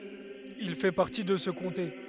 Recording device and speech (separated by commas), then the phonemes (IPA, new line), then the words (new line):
headset microphone, read sentence
il fɛ paʁti də sə kɔ̃te
Il fait partie de ce comté.